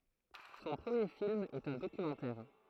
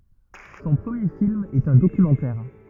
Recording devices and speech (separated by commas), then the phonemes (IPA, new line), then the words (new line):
throat microphone, rigid in-ear microphone, read sentence
sɔ̃ pʁəmje film ɛt œ̃ dokymɑ̃tɛʁ
Son premier film est un documentaire.